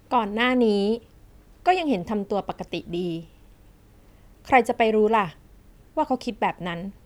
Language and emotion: Thai, neutral